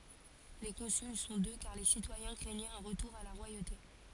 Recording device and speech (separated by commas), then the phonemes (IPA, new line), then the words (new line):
forehead accelerometer, read sentence
le kɔ̃syl sɔ̃ dø kaʁ le sitwajɛ̃ kʁɛɲɛt œ̃ ʁətuʁ a la ʁwajote
Les consuls sont deux car les citoyens craignaient un retour à la royauté.